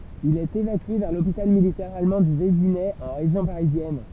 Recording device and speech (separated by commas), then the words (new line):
temple vibration pickup, read sentence
Il est évacué vers l'hôpital militaire allemand du Vésinet en région parisienne.